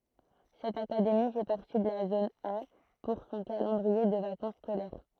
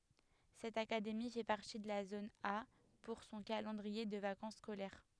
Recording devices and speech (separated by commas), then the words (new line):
throat microphone, headset microphone, read sentence
Cette académie fait partie de la zone A pour son calendrier de vacances scolaires.